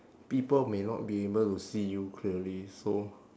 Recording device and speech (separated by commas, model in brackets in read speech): standing microphone, conversation in separate rooms